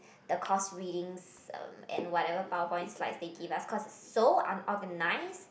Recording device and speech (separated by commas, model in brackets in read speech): boundary microphone, conversation in the same room